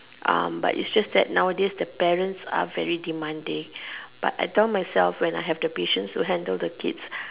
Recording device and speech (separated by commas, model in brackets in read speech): telephone, conversation in separate rooms